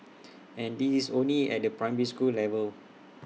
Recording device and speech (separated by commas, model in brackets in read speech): mobile phone (iPhone 6), read sentence